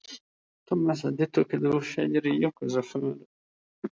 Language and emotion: Italian, sad